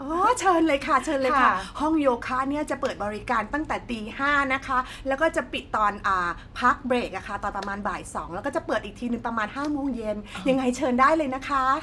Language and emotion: Thai, happy